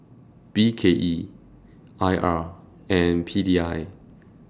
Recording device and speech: standing microphone (AKG C214), read sentence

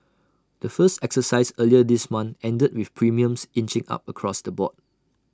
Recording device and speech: standing microphone (AKG C214), read sentence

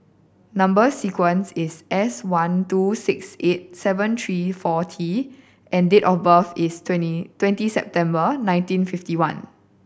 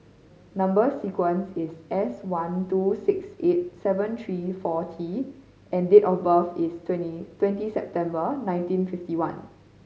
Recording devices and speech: boundary microphone (BM630), mobile phone (Samsung C5010), read sentence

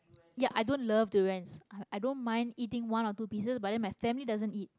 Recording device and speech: close-talking microphone, conversation in the same room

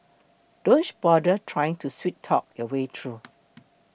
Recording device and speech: boundary microphone (BM630), read sentence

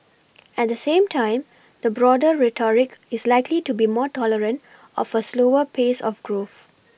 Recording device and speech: boundary microphone (BM630), read sentence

